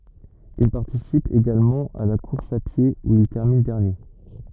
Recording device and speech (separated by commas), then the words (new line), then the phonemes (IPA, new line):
rigid in-ear microphone, read sentence
Il participe également à la course à pied, où il termine dernier.
il paʁtisip eɡalmɑ̃ a la kuʁs a pje u il tɛʁmin dɛʁnje